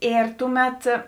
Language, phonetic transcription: Lithuanian, ˈėr ˈtuˌmet

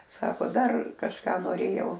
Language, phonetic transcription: Lithuanian, ˈsako ˈdar kažˈką noˈrėjau

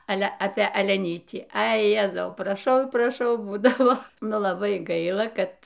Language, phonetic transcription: Lithuanian, ˈale apė aleˈnytį ˈai ˈjezau praˈšau praˈšau ˈbūdavo ˈnu laˈbai ˈgaila ˈkad

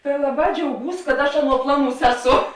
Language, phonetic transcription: Lithuanian, ta ˈlaˌbā džiauˈgūs kad ˈaš ˈaˌnuo ˈplaˌnūs ˈeˌso

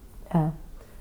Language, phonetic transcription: Lithuanian, ˈne

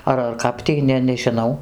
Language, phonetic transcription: Lithuanian, ˈar ar ˈkap tį ˈne nežiˈnau

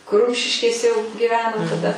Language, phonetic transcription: Lithuanian, kur ˈrumšiškėse jau giˈveno taˈda

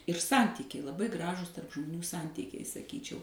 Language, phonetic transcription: Lithuanian, ir ˈsantykiai laˈbai ˈgražūs tarp žmoˈnių ˈsantykiai saˈkyčiau

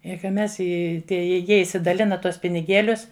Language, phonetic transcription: Lithuanian, i ka ˈmes ˈi ˈtie i ˈjie išsidaˈlina ˈtuos piniˈgėlius

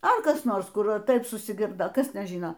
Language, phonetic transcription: Lithuanian, a ˈkas ˈnors ˈkur a ˈtaip susiˈgirdo ˈkas ˈten ˈžyno

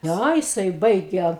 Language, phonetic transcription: Lithuanian, ˈnæ jiˈsai ˈbaige

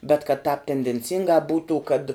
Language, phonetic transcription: Lithuanian, bet kad tēp tendenˈcingā ˈbūtų kad

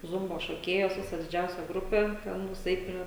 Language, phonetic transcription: Lithuanian, ˈzumbo šoˈkėjos ˈvisa diˈdžiausia ˈgrupė teˈnuis ˈeit ˈprie

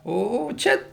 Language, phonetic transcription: Lithuanian, ˈo ˈčia

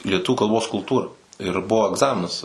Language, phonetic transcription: Lithuanian, lieˈtuvių kalˈbos kulˈtūra ir ˈbuvo egˈzaminas

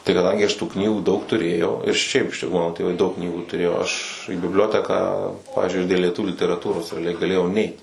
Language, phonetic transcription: Lithuanian, tai kaˈdangi ˈaš tų ˈknygų daug tuˈrėjau ir ˈšiaip ˈmano tėˈvai jau daug ˈknygų tuˈrėjo aš į bibˈlioteką ˈpavyzdžiui aš dėl lieˈtuvių literaˈtūros reaˈliai gaˈlėjau ˈneit

